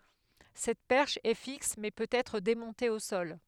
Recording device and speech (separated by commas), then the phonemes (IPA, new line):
headset microphone, read sentence
sɛt pɛʁʃ ɛ fiks mɛ pøt ɛtʁ demɔ̃te o sɔl